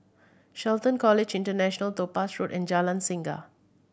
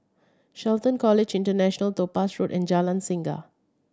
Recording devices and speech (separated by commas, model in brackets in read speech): boundary microphone (BM630), standing microphone (AKG C214), read sentence